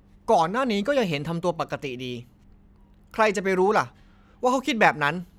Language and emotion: Thai, frustrated